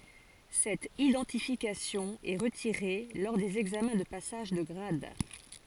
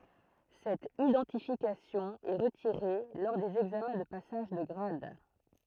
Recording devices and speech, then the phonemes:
forehead accelerometer, throat microphone, read sentence
sɛt idɑ̃tifikasjɔ̃ ɛ ʁətiʁe lɔʁ dez ɛɡzamɛ̃ də pasaʒ də ɡʁad

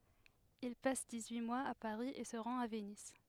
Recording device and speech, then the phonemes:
headset microphone, read sentence
il pas diksyi mwaz a paʁi e sə ʁɑ̃t a vəniz

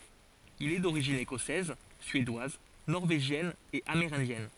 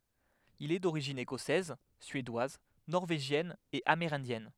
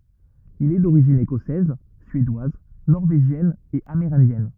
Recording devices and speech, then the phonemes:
forehead accelerometer, headset microphone, rigid in-ear microphone, read sentence
il ɛ doʁiʒin ekɔsɛz syedwaz nɔʁveʒjɛn e ameʁɛ̃djɛn

